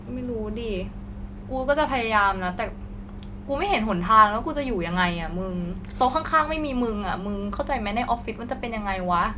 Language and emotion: Thai, frustrated